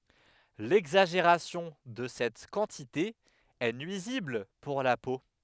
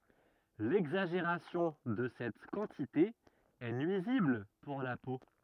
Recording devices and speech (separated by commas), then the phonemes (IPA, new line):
headset microphone, rigid in-ear microphone, read sentence
lɛɡzaʒeʁasjɔ̃ də sɛt kɑ̃tite ɛ nyizibl puʁ la po